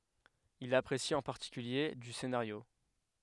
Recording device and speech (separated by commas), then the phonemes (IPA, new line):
headset microphone, read sentence
il apʁesi ɑ̃ paʁtikylje dy senaʁjo